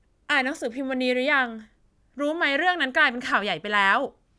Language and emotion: Thai, frustrated